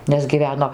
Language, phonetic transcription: Lithuanian, nes gyˈveno

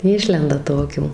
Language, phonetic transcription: Lithuanian, ˈišlenda ˈtokių

